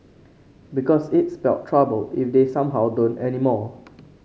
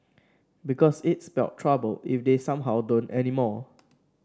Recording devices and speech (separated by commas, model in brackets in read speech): mobile phone (Samsung C5), standing microphone (AKG C214), read sentence